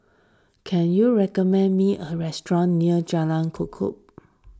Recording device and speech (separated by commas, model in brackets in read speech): standing microphone (AKG C214), read sentence